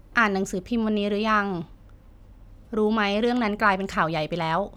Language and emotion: Thai, neutral